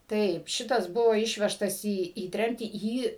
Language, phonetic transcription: Lithuanian, ˈtaip ˈšitas ˈbuvo ˈišvežtas į į ˈtremtį ˈjį

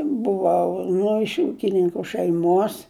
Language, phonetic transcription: Lithuanian, buˈvau ˈnu iš ˈūkininku šeiˈmos

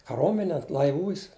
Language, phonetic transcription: Lithuanian, kaˈromenė laiˈvūs

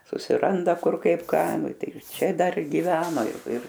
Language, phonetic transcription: Lithuanian, susiˈranda ˈkur ˈkaip ˈką ˈnu ˈtai ˈčia dar giˈveno ir ˈir

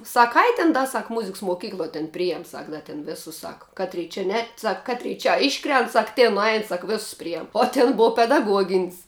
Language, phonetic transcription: Lithuanian, ˈsak ˈai tin ˈda ˈsak ˈmuziks moˈkykloj ten ˈprijam ˈsak ˈda ten ˈvėsus ˈsaka ˈkaˌtry čia ˈnet ˈsak ˈkatrei čia ˈiškrent ˈsak ˈtėn nuˈain ˈsak ˈvėsus ˈprijem o ˈtin ˈbov pedaˈguogin's'

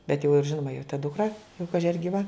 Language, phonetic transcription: Lithuanian, bet jau ir ˈžinoma jo ta dukˈra jau ˈkaži ar gyˈva

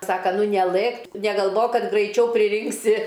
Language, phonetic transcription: Lithuanian, ˈsaka ˈnu neˈlɘk negalˈvok ˈkad graiˈčiau priˈrinksi

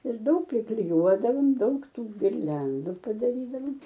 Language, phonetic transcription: Lithuanian, ir ˈdaug prikliˈjuodavom ˈdaug ˈtų girˈliandu padaˈrydavam

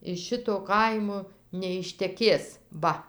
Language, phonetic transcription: Lithuanian, iš ˈšito ˈkaimo neišteˈkės ˈva

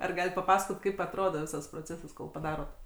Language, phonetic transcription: Lithuanian, ar ˈgalit paˈpasakot kaip atˈrodo ˈvisas proˈcesas kol paˈdarot

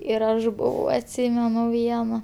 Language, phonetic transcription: Lithuanian, ir ˈaš ˈbuvau atˈsymenu ˈviena

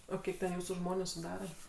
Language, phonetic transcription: Lithuanian, o ˈkiek ten ˈjūsų ˈžmonių suˈdara

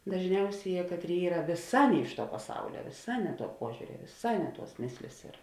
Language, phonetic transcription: Lithuanian, dažˈniausėˌjē ˈkatˌrėi ˈyra vėˈsā ˈne iš ˌtuo paˈsaulia vėˈsā ˈne ˌtuo ˈpuožiuria vėˈsā ˈne ˌtuos ˈmėslės ir

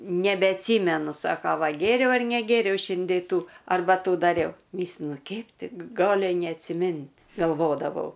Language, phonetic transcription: Lithuanian, nebeatˈsymenu ˈsaka ˈva ˈgėriau ar neˈgėriau ˈšindė ˈtų arˈba ˈtų daˈriau ˈmyslinu ˈkeip ˈti g ˈgali neatsiˈmint' galˈvodavau

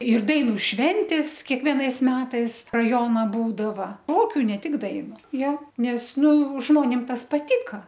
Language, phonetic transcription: Lithuanian, ir ˈdainu ˈšventės kiekˈvienais ˈmetais raˈjona ˈbūdava ˈokiu ne ˈtik ˈdainu ˈjo ˈnes ˈnu ˈžmonim ˈtas paˈtika

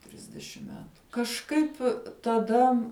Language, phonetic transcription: Lithuanian, ˈtrisdešim ˈmetu kažˈkaip' taˈda

